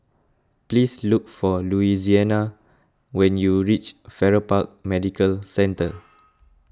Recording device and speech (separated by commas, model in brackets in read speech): close-talking microphone (WH20), read sentence